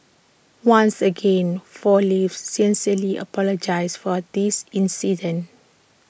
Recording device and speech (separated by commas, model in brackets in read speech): boundary microphone (BM630), read sentence